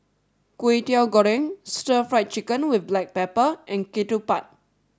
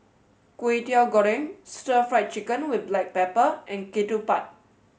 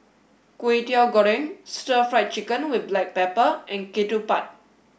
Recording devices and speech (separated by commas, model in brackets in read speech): standing microphone (AKG C214), mobile phone (Samsung S8), boundary microphone (BM630), read sentence